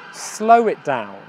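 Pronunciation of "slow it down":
In 'slow it down', a w sound links 'slow' to 'it', so it sounds like 'slow wit down'.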